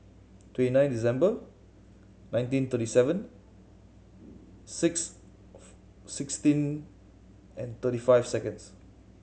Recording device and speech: mobile phone (Samsung C7100), read sentence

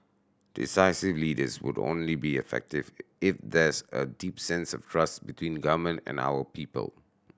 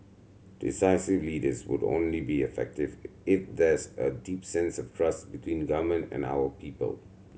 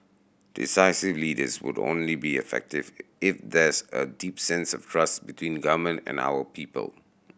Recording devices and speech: standing microphone (AKG C214), mobile phone (Samsung C7100), boundary microphone (BM630), read sentence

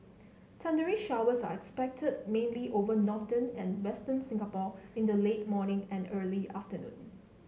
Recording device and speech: mobile phone (Samsung C7), read sentence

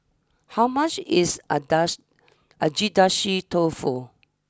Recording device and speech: standing microphone (AKG C214), read sentence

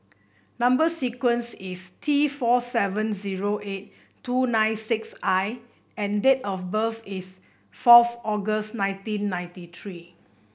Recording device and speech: boundary microphone (BM630), read sentence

